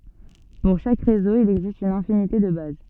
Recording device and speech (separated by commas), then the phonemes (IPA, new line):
soft in-ear microphone, read sentence
puʁ ʃak ʁezo il ɛɡzist yn ɛ̃finite də baz